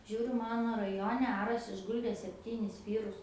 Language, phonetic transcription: Lithuanian, ˈžiūriu ˈmano raˈjone ˈaras išˈguldė sepˈtynis ˈvyrus

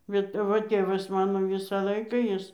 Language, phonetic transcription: Lithuanian, bet aˈva ˈtėvas ˈmano ˈvisą ˈlaiką ˈjis

